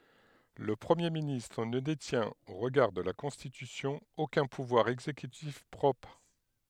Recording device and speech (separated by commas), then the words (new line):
headset microphone, read sentence
Le Premier ministre ne détient, au regard de la Constitution, aucun pouvoir exécutif propre.